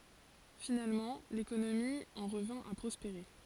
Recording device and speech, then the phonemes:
forehead accelerometer, read sentence
finalmɑ̃ lekonomi ɑ̃ ʁəvɛ̃ a pʁɔspeʁe

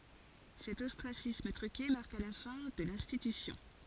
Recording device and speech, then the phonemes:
forehead accelerometer, read sentence
sɛt ɔstʁasism tʁyke maʁka la fɛ̃ də lɛ̃stitysjɔ̃

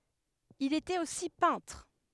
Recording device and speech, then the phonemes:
headset microphone, read sentence
il etɛt osi pɛ̃tʁ

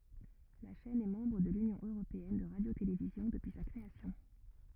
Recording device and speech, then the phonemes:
rigid in-ear microphone, read sentence
la ʃɛn ɛ mɑ̃bʁ də lynjɔ̃ øʁopeɛn də ʁadjotelevizjɔ̃ dəpyi sa kʁeasjɔ̃

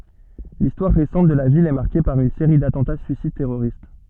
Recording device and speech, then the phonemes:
soft in-ear microphone, read sentence
listwaʁ ʁesɑ̃t də la vil ɛ maʁke paʁ yn seʁi datɑ̃ta syisid tɛʁoʁist

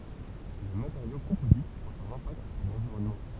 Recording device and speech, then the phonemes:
temple vibration pickup, read sentence
le mateʁjo kɔ̃pozitz ɔ̃t œ̃n ɛ̃pakt syʁ lɑ̃viʁɔnmɑ̃

